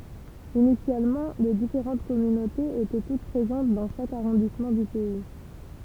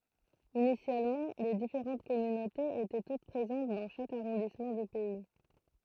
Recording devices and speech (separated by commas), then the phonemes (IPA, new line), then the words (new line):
temple vibration pickup, throat microphone, read sentence
inisjalmɑ̃ le difeʁɑ̃t kɔmynotez etɛ tut pʁezɑ̃t dɑ̃ ʃak aʁɔ̃dismɑ̃ dy pɛi
Initialement, les différentes communautés étaient toutes présentes dans chaque arrondissement du pays.